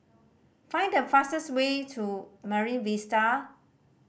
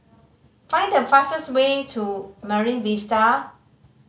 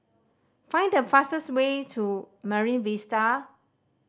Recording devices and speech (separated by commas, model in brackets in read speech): boundary microphone (BM630), mobile phone (Samsung C5010), standing microphone (AKG C214), read sentence